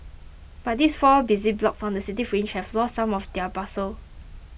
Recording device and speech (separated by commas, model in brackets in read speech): boundary microphone (BM630), read sentence